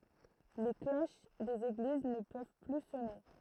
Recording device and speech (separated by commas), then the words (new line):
throat microphone, read sentence
Les cloches des églises ne peuvent plus sonner.